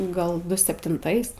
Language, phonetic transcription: Lithuanian, ˈgal ˈdu septinˈtais

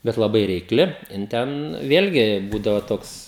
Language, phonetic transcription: Lithuanian, ˈbet laˈbai reikˈli jin ˈten ˈvėlgi ˈbūdavo ˈtoks

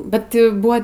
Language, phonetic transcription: Lithuanian, ˈbet jau ˈbua

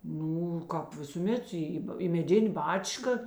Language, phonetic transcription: Lithuanian, ˈnū ˈkāp visūˈmet ˈį į meˈdinė ˈbačka

